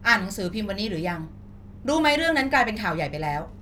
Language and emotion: Thai, angry